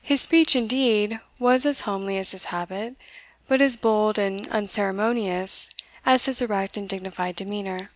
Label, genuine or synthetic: genuine